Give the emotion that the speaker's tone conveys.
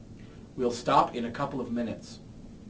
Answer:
neutral